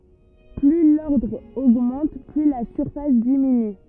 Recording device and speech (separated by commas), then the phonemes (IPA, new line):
rigid in-ear microphone, read sentence
ply lɔʁdʁ oɡmɑ̃t ply la syʁfas diminy